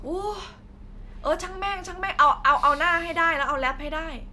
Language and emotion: Thai, frustrated